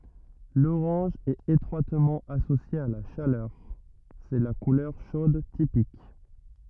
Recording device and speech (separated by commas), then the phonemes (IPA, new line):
rigid in-ear microphone, read sentence
loʁɑ̃ʒ ɛt etʁwatmɑ̃ asosje a la ʃalœʁ sɛ la kulœʁ ʃod tipik